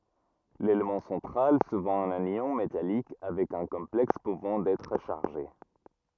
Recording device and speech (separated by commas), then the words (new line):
rigid in-ear microphone, read sentence
L'élément central, souvent un ion métallique avec un complexe pouvant être chargé.